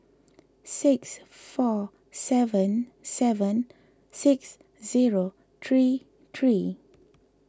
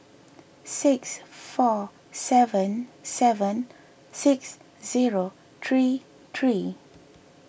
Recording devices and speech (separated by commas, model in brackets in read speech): close-talking microphone (WH20), boundary microphone (BM630), read sentence